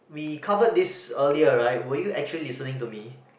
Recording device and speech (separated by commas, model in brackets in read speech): boundary microphone, conversation in the same room